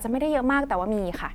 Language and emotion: Thai, neutral